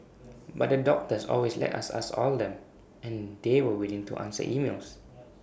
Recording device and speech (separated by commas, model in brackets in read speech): boundary microphone (BM630), read sentence